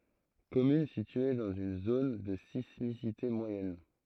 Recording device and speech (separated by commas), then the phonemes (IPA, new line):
throat microphone, read sentence
kɔmyn sitye dɑ̃z yn zon də sismisite mwajɛn